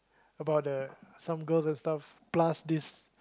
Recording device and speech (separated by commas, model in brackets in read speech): close-talking microphone, conversation in the same room